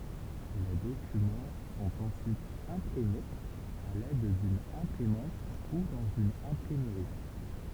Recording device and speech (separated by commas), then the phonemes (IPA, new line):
temple vibration pickup, read sentence
le dokymɑ̃ sɔ̃t ɑ̃syit ɛ̃pʁimez a lɛd dyn ɛ̃pʁimɑ̃t u dɑ̃z yn ɛ̃pʁimʁi